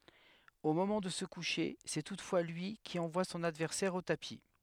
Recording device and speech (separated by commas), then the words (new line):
headset microphone, read sentence
Au moment de se coucher, c'est toutefois lui qui envoie son adversaire au tapis.